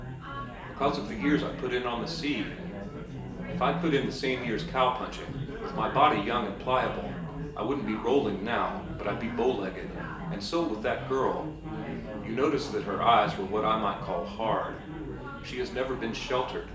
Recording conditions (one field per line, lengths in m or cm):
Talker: one person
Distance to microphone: 1.8 m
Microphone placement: close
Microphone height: 1.0 m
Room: large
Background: babble